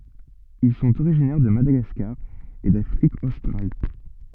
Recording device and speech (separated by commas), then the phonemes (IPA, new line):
soft in-ear microphone, read sentence
il sɔ̃t oʁiʒinɛʁ də madaɡaskaʁ e dafʁik ostʁal